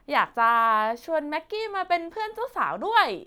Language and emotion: Thai, happy